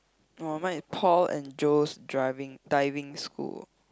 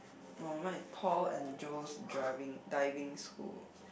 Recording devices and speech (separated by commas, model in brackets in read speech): close-talking microphone, boundary microphone, conversation in the same room